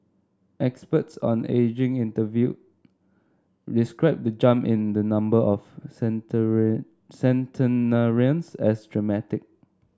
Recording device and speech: standing microphone (AKG C214), read sentence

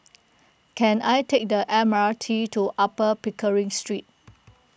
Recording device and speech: boundary microphone (BM630), read sentence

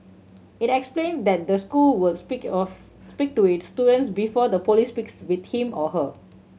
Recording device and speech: mobile phone (Samsung C7100), read sentence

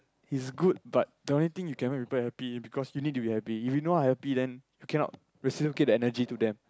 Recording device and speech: close-talking microphone, conversation in the same room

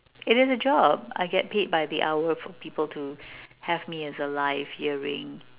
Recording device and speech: telephone, conversation in separate rooms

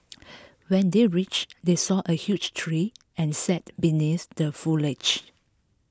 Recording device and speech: close-talking microphone (WH20), read sentence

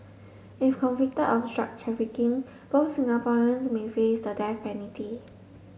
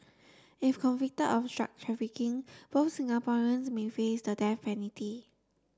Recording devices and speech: mobile phone (Samsung S8), standing microphone (AKG C214), read sentence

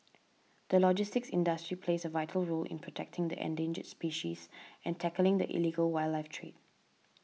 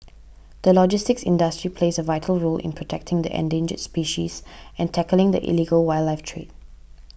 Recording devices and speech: mobile phone (iPhone 6), boundary microphone (BM630), read sentence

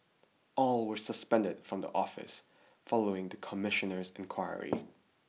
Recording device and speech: mobile phone (iPhone 6), read sentence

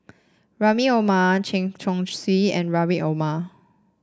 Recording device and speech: standing microphone (AKG C214), read sentence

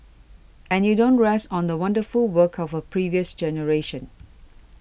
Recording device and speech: boundary microphone (BM630), read sentence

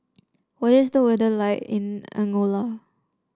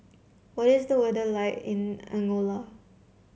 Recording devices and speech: standing microphone (AKG C214), mobile phone (Samsung C7), read sentence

